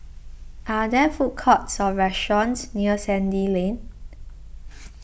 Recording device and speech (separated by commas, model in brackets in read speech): boundary microphone (BM630), read sentence